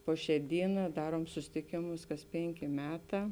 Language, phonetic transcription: Lithuanian, ˈpo ˌšē ˈdyˌnā ˈdaruom suˈsitikėmus kas ˈpėnˌkė ˈmeˌtā

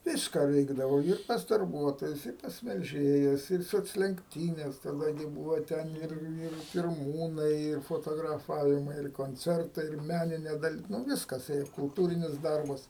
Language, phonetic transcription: Lithuanian, ˈvyska ˈveikdavau ir pas darˈbuotojus ir ˈpas melˈžėjas ˈir soclenkˈtynes taˈda gi ˈbuvo ˈten ˈir ˈir pirˈmūnai ir foˌtograˈfavimai ir konˈcertai ir ˈmæninė daˈli nu ˈviskas ˈėja kulˈtūrinis ˈdarbas

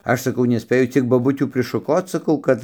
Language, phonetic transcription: Lithuanian, ˈaš saˈkau neˈspėju ˈciek boˈbutių prišuˈkoc saˈkau ˈkad

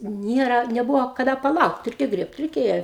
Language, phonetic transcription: Lithuanian, ˈniera neˈbuvo kaˈda paˈlaukt ˈreikia ˈgriebt reiˈkėja

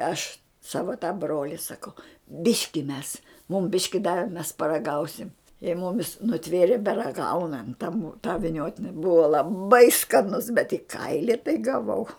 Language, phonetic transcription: Lithuanian, ˈaš ˈsava ta ˈbroli saˈkau ˈbiški mes mum ˈbiški ˈdavi mes paraˈgausim i ˈmumis nuˈtvėrė beraˈgaunant ta mu tą viˈniotini ˈbua laˈbai skaˈnus bet i ˈkaili tai gaˈvau

